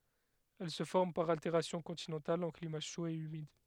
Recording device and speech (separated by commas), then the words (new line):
headset microphone, read sentence
Elle se forme par altération continentale en climat chaud et humide.